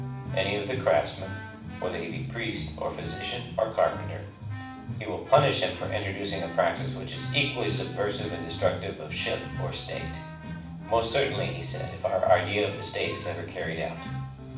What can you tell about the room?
A medium-sized room (about 5.7 m by 4.0 m).